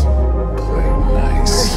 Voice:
Monster voice